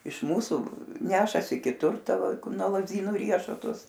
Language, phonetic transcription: Lithuanian, iš ˈmūsų ˈnešasi kiˈtur ˈta ˈva ˈkur nuo lazˈdynų ˈriešutus

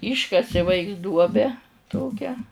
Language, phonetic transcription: Lithuanian, ˈyškasi ˈvaiks ˈduobe ˈtokią

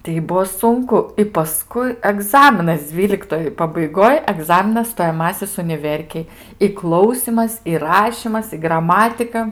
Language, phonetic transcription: Lithuanian, tei ˈbuo ˈsunku i paˈskui aˈgzaminas ˈdzvyliktoj pabaiˈgoj aˈgzaminas stojaˈmasis uniˈverkėj i ˈklausymas i ˈrašymas i graˈmatika

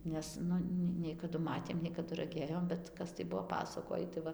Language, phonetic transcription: Lithuanian, ˈnes ˈnu ne nei kaˈdu ˈmatėm nei kaˈdu raˈgėjom bet ˈkas tai ˈbuo ˈpasakojį tai ˈva

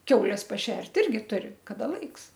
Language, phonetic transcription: Lithuanian, ˈkiaules paˈšert' ˈirgi ˈturi kaˈda ˈlaiks

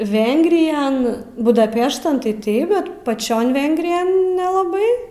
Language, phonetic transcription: Lithuanian, ˈvengrijan budaˈpeštan tai ˈtaip ˈbet paˈčion ˈvengrijan nelaˈbai

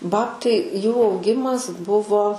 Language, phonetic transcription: Lithuanian, ˈbabtai ˈjų auˈgimas ˈbuvo

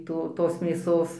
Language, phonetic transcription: Lithuanian, ˈto tos mėˈsos

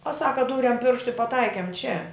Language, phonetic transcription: Lithuanian, o ˈsaka ˈdūrem ˈpirštu i paˈtaikem čia

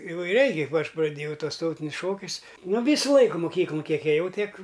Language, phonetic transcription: Lithuanian, įvaiˈriai kaip ˈaš praˈdėjau ˈtuos ˈtautinius ˈšokius nu ˈvysu ˈlaiku moˈkyklun ˈkiek ėˈjau ˈtiek

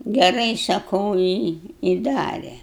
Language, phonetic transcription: Lithuanian, geˈrai saˈkau i i ˈdare

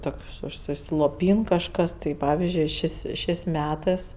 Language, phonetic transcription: Lithuanian, ˈtokš užsisloˈpyn kažˈkas tai ˈpavizdžiui ˈšės' ˈšės' ˈmetɜs

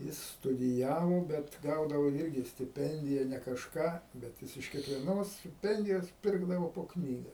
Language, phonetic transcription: Lithuanian, ˈjis studiˈjavo ˈbet ˈgaudavo ˈirgi stiˈpendija ne kažˈką bet ˈjis iš kiekvieˈnos stiˈpendijos ˈpirkdavo po ˈknyga

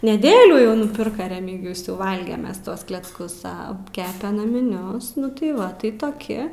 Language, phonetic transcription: Lithuanian, neˈdėlių jau nuˈpirka remigijus jau ˈvalgem ˈmes ˈtuos klecˈkus ˈa ˈkepe namiˈnius ˈnu tai ˈva tai toˈki

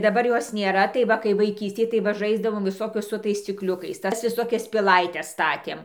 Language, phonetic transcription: Lithuanian, daˈbar ˈjos nėˈra tai ˈva kai vaiˈkystėj tai ˈva ˈžaisdavom viˈsokius su ˈtais scikˈliukais ˈtas viˈsokias piˈlaites ˈstatėm

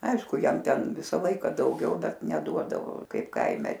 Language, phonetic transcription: Lithuanian, ˈaišku ˈjam ˈten ˈvisa ˈlaika dauˈgiau ˈbet neˈduodavo ˈkaip ˈkaime

